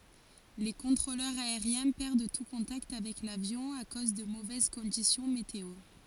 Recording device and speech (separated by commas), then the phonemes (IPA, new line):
forehead accelerometer, read sentence
le kɔ̃tʁolœʁz aeʁjɛ̃ pɛʁd tu kɔ̃takt avɛk lavjɔ̃ a koz də movɛz kɔ̃disjɔ̃ meteo